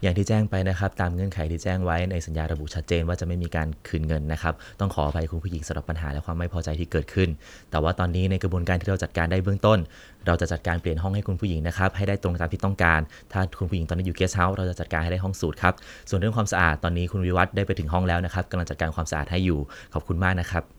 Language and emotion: Thai, neutral